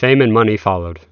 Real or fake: real